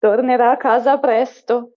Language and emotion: Italian, fearful